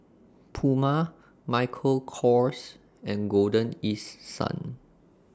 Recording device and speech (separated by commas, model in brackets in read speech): standing microphone (AKG C214), read sentence